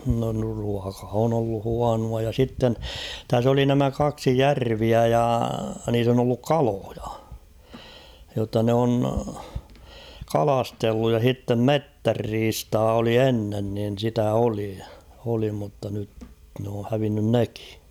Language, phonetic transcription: Finnish, no ruaka on ollu "huanua ja sitten , täs ‿oli nämä 'kaksi "järviä ja niis ‿on ‿olluk "kaloᴊᴀ ; jotta nᵉ ‿on , "kalastelluj ja h̬ittem "mettärriistaa oli 'ennen niin̳ sitä 'oli , oli mutta nyt n ‿oo hävinnyn 'nekɪ .
- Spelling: no ruoka on ollut huonoa ja sitten tässä oli nämä kaksi järveä ja niissä on ollut kaloja jotta ne on kalastellut ja sitten metsänriistaa oli ennen niin sitä oli oli mutta nyt ne on hävinnyt nekin

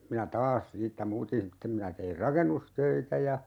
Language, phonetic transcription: Finnish, minä "taas 'siittä 'muutin̬ '(s)ittem minä teir "rakennustöitä ja , .
- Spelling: minä taas siitä muutin sitten minä tein rakennustöitä ja

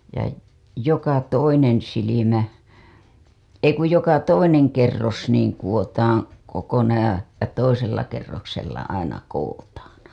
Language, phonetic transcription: Finnish, ja , 'joka "toinen silimä , 'ei kuj 'joka "toineŋ kerros niiŋ kuWotaaŋ , kokonaaj ja , ja , toisella kerroksella aina 'koWotaaN .
- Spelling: ja joka toinen silmä ei kun joka toinen kerros niin kudotaan kokonaan ja ja toisella kerroksella aina kudotaan

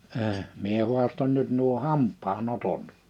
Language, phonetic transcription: Finnish, əəʰ , 'mie hu̬aston nyt nuo 'hamp̆paa'n ‿otot .
- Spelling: - minä haastoin nyt nuo hampaan otot

